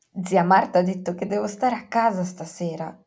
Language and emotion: Italian, surprised